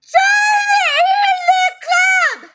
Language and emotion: English, disgusted